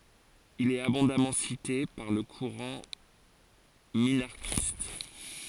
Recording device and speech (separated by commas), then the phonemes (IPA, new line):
forehead accelerometer, read sentence
il ɛt abɔ̃damɑ̃ site paʁ lə kuʁɑ̃ minaʁʃist